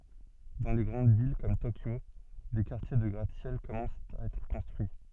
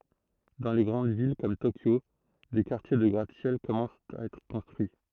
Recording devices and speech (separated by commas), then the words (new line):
soft in-ear microphone, throat microphone, read sentence
Dans les grandes villes comme Tokyo, des quartiers de gratte-ciels commencent à être construits.